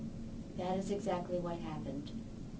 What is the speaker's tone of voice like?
neutral